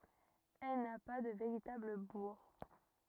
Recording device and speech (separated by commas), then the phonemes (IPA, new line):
rigid in-ear microphone, read sentence
ɛl na pa də veʁitabl buʁ